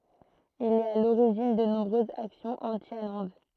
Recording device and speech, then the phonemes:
throat microphone, read sentence
il ɛt a loʁiʒin də nɔ̃bʁøzz aksjɔ̃z ɑ̃ti almɑ̃d

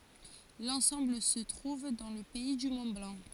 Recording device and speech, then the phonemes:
forehead accelerometer, read sentence
lɑ̃sɑ̃bl sə tʁuv dɑ̃ lə pɛi dy mɔ̃tblɑ̃

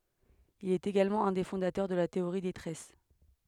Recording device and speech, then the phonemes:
headset microphone, read sentence
il ɛt eɡalmɑ̃ œ̃ de fɔ̃datœʁ də la teoʁi de tʁɛs

